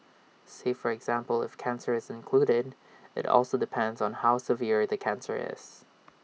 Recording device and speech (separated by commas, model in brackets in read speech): mobile phone (iPhone 6), read sentence